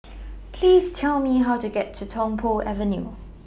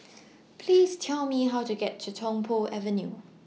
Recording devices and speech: boundary microphone (BM630), mobile phone (iPhone 6), read sentence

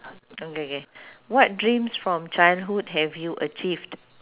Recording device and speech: telephone, conversation in separate rooms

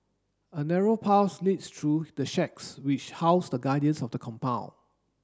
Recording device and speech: standing microphone (AKG C214), read sentence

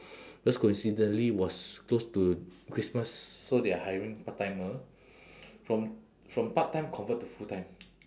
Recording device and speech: standing microphone, conversation in separate rooms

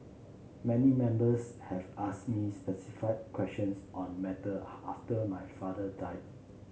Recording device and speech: mobile phone (Samsung C7), read sentence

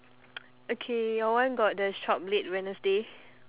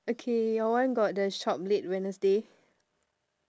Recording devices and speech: telephone, standing microphone, conversation in separate rooms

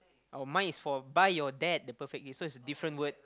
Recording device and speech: close-talking microphone, conversation in the same room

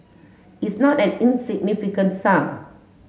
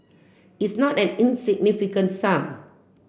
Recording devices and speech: mobile phone (Samsung S8), boundary microphone (BM630), read sentence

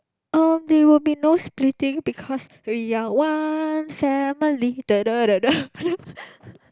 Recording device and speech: close-talking microphone, conversation in the same room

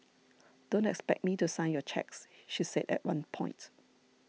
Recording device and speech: mobile phone (iPhone 6), read sentence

